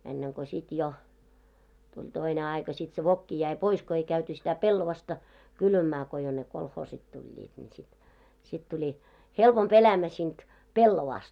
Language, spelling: Finnish, ennen kuin sitten jo tuli toinen aika sitten se vokki jäi pois kun ei käyty sitä pellavaa kylvämään kun jo ne kolhoosit tulivat niin sitten sitten tuli helpompi elämä siitä pellavasta
- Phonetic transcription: enneŋ ko 'sit jo , 'tuĺ toine 'aika sit se "vokki jäi 'pois ko ei käyty sitä 'pellovasta , 'kylvämää ko jo 'ne 'kolhoosit tuĺĺiit ńi sit , 'sit 'tuĺi , "helpomp 'elämä siint , "pellovaast .

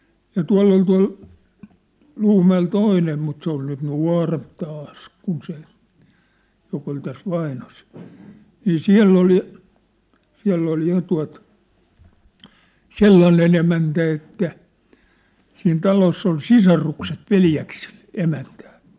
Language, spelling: Finnish, ja tuolla oli tuolla Luumäellä toinen mutta se oli nyt nuorempi taas kun se joka oli tässä Vainosella niin siellä oli siellä oli ja tuota sellainen emäntä että siinä talossa oli sisarukset veljeksillä emäntänä
- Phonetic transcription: ja "tua̭ll ‿ol tua̭l , 'ʟuumä₍el 'toìnem mut se ‿ol nyt "nuà̭remp 'taas , kun se , jok ‿ol täs 'Vainosᴇʟ , nii "siä̭ll ‿oli , 'siä̭ll ‿ol 'ja tua̭t , "sellanen ‿emäntä että , siin 'taloss ‿ol "sisarukset "veljäks(ɪʟ) , 'emäntᴀ̈̀(ɴ) .

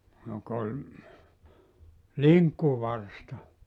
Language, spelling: Finnish, joka oli linkkuvarsta
- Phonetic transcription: jok ‿oĺ , "liŋkkuvarsta .

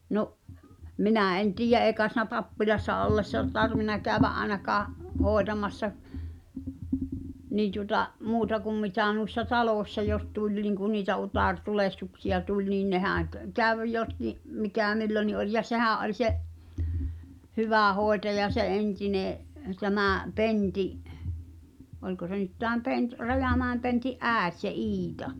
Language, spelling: Finnish, no minä en tiedä ei kai sinä pappilassa ollessa tarvinnut käydä ainakaan hoitamassa niin tuota muuta kuin mitä noissa taloissa jos tuli niin kuin niitä utaretulehduksia tuli niin nehän - kävi jotkin mikä milloinkin oli ja sehän oli se hyvä hoitaja se entinen tämä Pentin oliko se nyt tämä - Rajamäen Pentin äiti se Iita
- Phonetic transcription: 'no’ , "minä̀ en 'tiij̆je '’èi̬ kae si̳nä "pappilassa 'ollessa , 'tarvin̆na kä̀övä’ '’aenakaa’ , "hòetamassa , nii tuŏta’ , "muuta kum 'mitä̀ nuĭssa "talòśsa jos 'tuĺ niŋku niitä 'ut̳àr'tulehtuksi₍a 'tuĺ nin 'nehä̀ŋ k- , "käv 'jotki’ , 'mikä̀ "milloni oĺ ja "sehä̀’ ’oĺ 'se’ , "hyvä̀ 'hòetaja se '’entine’ , 'tämä̀ , 'Penti’ , "oĺko se nyt tääm 'Pent- , 'Rajàmä̀em Penti’ "’ä̀et se "Îta .

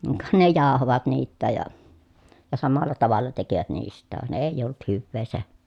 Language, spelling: Finnish, ka ne jauhoivat niitäkin ja ja samalla tavalla tekivät niistäkin vaan ei ollut hyvää se
- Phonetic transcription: ka ne jàohovat niittääj ja , ja samalla tavalla tekivät niist̆tääv van èij̆j ‿olt hyvvee se .

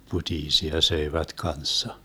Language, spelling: Finnish, putiisia söivät kanssa
- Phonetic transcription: 'putiisia 'söivät "kanssa .

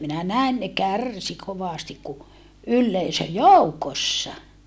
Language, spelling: Finnish, minä näin ne kärsi kovasti kun yleisön joukossa
- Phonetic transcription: minä näin ne kär̀si kovàstik ku , ylleisö joukossa .

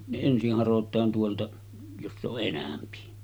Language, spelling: Finnish, ne ensin harotaan tuolta jossa on enempi
- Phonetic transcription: ne 'ensih 'harot̆taan tuolta , joss ‿oˀ 'ˀenämpi .

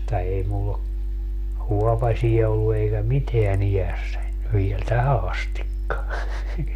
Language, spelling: Finnish, mutta ei minulla ole huopasia ollut eikä mitään iässäni vielä tähän asti
- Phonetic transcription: (mut)ta 'ei mull ‿o , 'huɔpaśiɛ ollu eikä "miteä'n ‿ijässäń , viel "tähä astikka .

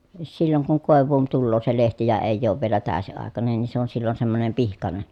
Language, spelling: Finnish, silloin kun koivuun tulee se lehti ja ei ole vielä täysiaikainen niin se on silloin semmoinen pihkainen
- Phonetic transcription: silloŋ kuŋ kòev̀uun tulloo se lehti ja èi̮j̆j ‿oov vielä tä̀ösi₍àekanen nin se on sillon semmonem pihkane .

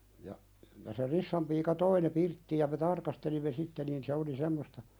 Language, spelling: Finnish, ja ja se Rissan piika toi ne pirttiin ja me tarkastelimme sitten niin se oli semmoista
- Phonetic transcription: ja , ja se 'Rissam piika "toi ne 'pirttiij ja me "tarkastelimme 'sitte niin se oli "semmosta ,.

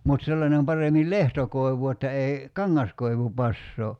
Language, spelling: Finnish, mutta sellainen paremmin lehtokoivu että ei kangaskoivu passaa
- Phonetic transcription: mut 'sellanem 'paremil "lehtokoi̬vu että ei , "kaŋŋaskoivu 'passoo .

